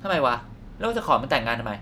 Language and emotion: Thai, frustrated